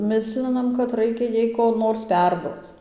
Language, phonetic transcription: Lithuanian, ˈmislinam kad ˈraikia ˈjai ko ˈnors ˈperduoc

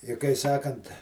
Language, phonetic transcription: Lithuanian, i kai ˈsakant

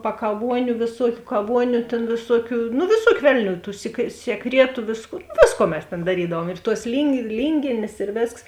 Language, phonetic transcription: Lithuanian, pakaˈvuoniu vėˈsuokiu kaˈvuoniu tėn vėˈsuokiu nu vėˈsuokiu ˈvelˌnių tų sie sieˈkrietu ˈvisko ˈvėsˌkuo mes ˈtėn daˈrydavuom ir tuos lyngi ˈlyngėnės ir ˈvėsks

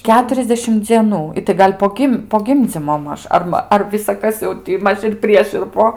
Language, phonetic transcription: Lithuanian, ˈketuriasdešim dzieˈnų ˈitai ˈgal' po ˈgim po ˈgimdzymo ˈmaž ˈar ma ˈar visaˈkas jau ˈti ˈmaž ir ˈprieš ir ˈpo

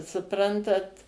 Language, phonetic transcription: Lithuanian, suˈprantat

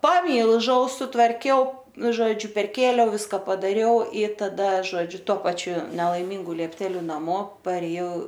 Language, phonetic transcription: Lithuanian, paˈmylžau sutvarˈkiau ˈnu ˈžodžiu perˈkėliau ˈviska padaˈriau y taˈda ˈžodžiu to ˈpačiu nelaiˈmingu liepˈteliu naˈmo parėˈjau

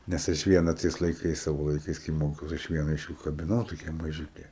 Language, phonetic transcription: Lithuanian, nes ˈaš ˈviena ˈtais laiˈkais ˈsavo laiˈkais kai ˈmokiaus aš ˈviena iš ˈjų kabiˈnau ˈtokia maˈžiuke

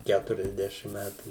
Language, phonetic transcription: Lithuanian, ˈkæturiasˌdešim ˈmætų

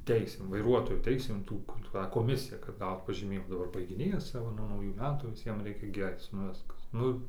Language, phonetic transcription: Lithuanian, ˈteisėm vaiˈruotojo ˈteisėm ˈtų kur ˈtą koˈmisija kad ˈgaut pažyˈmėjima daˈbar baigiˈnėjas ˈcia va nuo nauˈjų ˈmetų viˈsiem ˈreikia gi ˈaic nu ˈviskas ˈnu

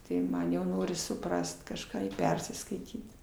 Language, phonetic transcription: Lithuanian, tai ˈman jau ˈnoris suˈprast kažˈką ir ˈpersiskaityt

